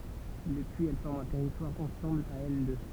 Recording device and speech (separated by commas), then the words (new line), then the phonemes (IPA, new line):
temple vibration pickup, read sentence
Depuis, elles forment un territoire ensemble à elles deux.
dəpyiz ɛl fɔʁmt œ̃ tɛʁitwaʁ ɑ̃sɑ̃bl a ɛl dø